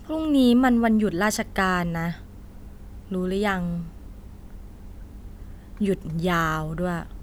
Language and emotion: Thai, frustrated